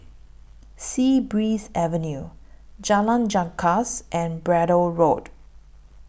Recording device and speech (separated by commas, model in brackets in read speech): boundary microphone (BM630), read sentence